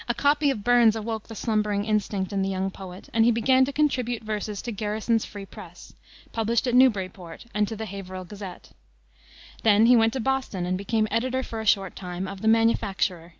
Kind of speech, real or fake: real